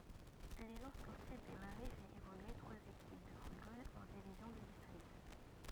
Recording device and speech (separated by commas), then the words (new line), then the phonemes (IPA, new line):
rigid in-ear microphone, read sentence
L'Élan sportif des Marais fait évoluer trois équipes de football en divisions de district.
lelɑ̃ spɔʁtif de maʁɛ fɛt evolye tʁwaz ekip də futbol ɑ̃ divizjɔ̃ də distʁikt